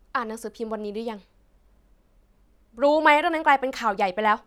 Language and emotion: Thai, angry